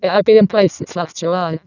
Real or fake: fake